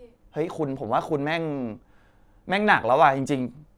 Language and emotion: Thai, frustrated